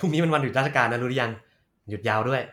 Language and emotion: Thai, neutral